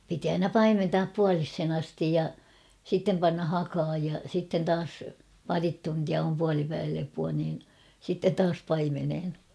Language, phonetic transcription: Finnish, piti aina "paimentaap 'pualishen astij ja , sittem panna 'hakaaj ja sitten 'taas , ''parit 'tuntia om 'pualipäivälepua niin , sittet "taas 'paimenhen .
- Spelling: piti aina paimentaa puoliseen asti ja sitten panna hakaan ja sitten taas pari tuntia on puolipäivälepoa niin sitten taas paimeneen

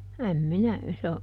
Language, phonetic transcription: Finnish, äm ˈminä ,.
- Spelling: en minä

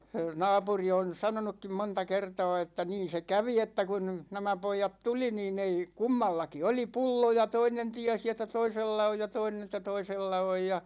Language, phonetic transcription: Finnish, 'naapuri on̬ 'sanonukkim 'monta 'kerta̭a̭ että 'niin̬ se "kävi että kun , 'nämä 'poijat "tuli niin ‿ei , "kummallaki 'oli "pullo ja 'toinen 'tiäsi että "toisella 'oj ja 'toinen ‿ᵉttä "toisella 'oj ja ,.
- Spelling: naapuri on sanonutkin monta kertaa että niin se kävi että kun nämä pojat tuli niin ei kummallakin oli pullo ja toinen tiesi että toisella on ja toinen että toisella on ja

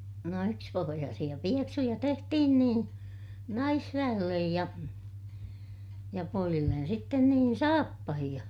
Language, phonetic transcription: Finnish, no ykspohojaasiʲa pieksuja tehtihin nii , naisväʲellej ja , ja poijillen sitten niin saappahiʲa .
- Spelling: no yksipohjaisia pieksuja tehtiin niin naisväelle ja ja pojille sitten niin saappaita

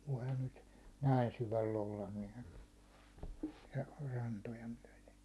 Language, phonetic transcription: Finnish, voihan nyt , 'näin syväll ‿ollan nɪɪ , ja 'rantoja myäₒle .
- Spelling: voihan nyt näin syvällä olla niin ja rantoja myöden

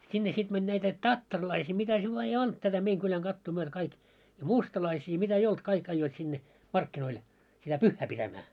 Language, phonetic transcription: Finnish, 'sinne sit mäń 'näitä , "tattarlaisii 'mitä se vaa ei 'olt tätä 'meiŋ kyläŋ 'ɢattuu myötᵃ̈ 'kaik , ja 'mustalaisii ja 'mitä ei 'olt 'kaik aijjoit sinne , "markkinoil , sitä "pyhhä pitämää .
- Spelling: sinne sitten meni näitä tattarilaisia mitä se vaan ei ollut tätä meidän kylän katua myöten kaikki ja mustalaisia ja mitä ei ollut kaikki ajoivat sinne markkinoilla sitä pyhää pitämään

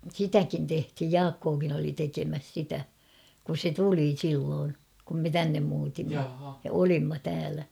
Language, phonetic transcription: Finnish, sitäkin 'tehthij "Jaakkookin ‿oli 'tekemäs 'sitä , kus 'se "tuli 'silloon , kum me "tännem muutimma₍ ja "olimma täälä .
- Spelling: sitäkin tehtiin Jaakkokin oli tekemässä sitä kun se tuli silloin kun me tänne muutimme ja olimme täällä

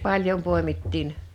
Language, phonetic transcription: Finnish, 'paĺjom 'pòemittiin .
- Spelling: paljon poimittiin

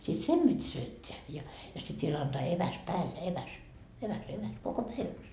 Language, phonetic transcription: Finnish, sit "sem Bit́ 'syötteä , ja , ja sit viel antaa "eväs 'päälle 'eväs , 'eväs eväs , koko "päiväks .
- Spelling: sitten sen piti syöttää ja ja sitten vielä antaa eväs päälle eväs eväs eväs koko päiväksi

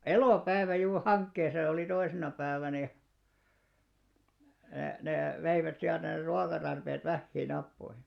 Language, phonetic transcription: Finnish, elòpäivä juur "haŋkkeisa ja olì 'toisena 'päävänä ja , e+- nè 'veivät siältä ner 'ruakatarpeet 'vähhiin̆ 'nappoihi .
- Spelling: elopäivä juuri hankkeissa ja oli toisena päivänä ja - ne veivät sieltä ne ruokatarpeet vähiin nappoihin

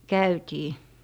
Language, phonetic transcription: Finnish, 'käytii .
- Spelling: käytiin

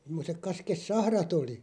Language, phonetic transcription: Finnish, (sem)mosek 'kaskes"sahrat ‿oli .
- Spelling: semmoiset kaskisahrat oli

